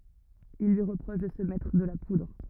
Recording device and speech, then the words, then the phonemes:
rigid in-ear microphone, read sentence
Il lui reproche de se mettre de la poudre.
il lyi ʁəpʁɔʃ də sə mɛtʁ də la pudʁ

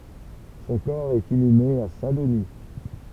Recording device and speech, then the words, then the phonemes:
temple vibration pickup, read sentence
Son corps est inhumé à Saint-Denis.
sɔ̃ kɔʁ ɛt inyme a sɛ̃dəni

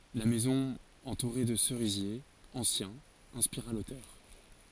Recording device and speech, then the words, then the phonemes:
forehead accelerometer, read sentence
La maison entourée de cerisiers anciens inspira l'auteur.
la mɛzɔ̃ ɑ̃tuʁe də səʁizjez ɑ̃sjɛ̃z ɛ̃spiʁa lotœʁ

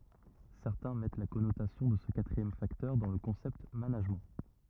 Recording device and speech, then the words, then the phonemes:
rigid in-ear microphone, read sentence
Certains mettent la connotation de ce quatrième facteur dans le concept Management.
sɛʁtɛ̃ mɛt la kɔnotasjɔ̃ də sə katʁiɛm faktœʁ dɑ̃ lə kɔ̃sɛpt manaʒmɑ̃

